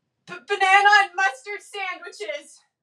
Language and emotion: English, fearful